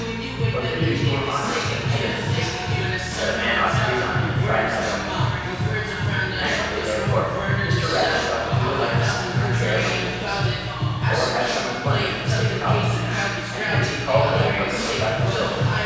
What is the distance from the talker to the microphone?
7.1 m.